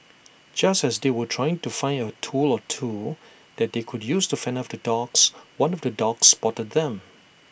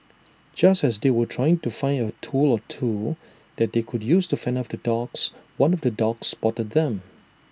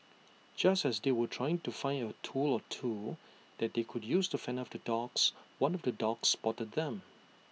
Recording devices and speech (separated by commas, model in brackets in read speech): boundary microphone (BM630), standing microphone (AKG C214), mobile phone (iPhone 6), read sentence